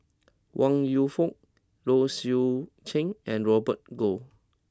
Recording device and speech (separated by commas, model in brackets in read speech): close-talking microphone (WH20), read sentence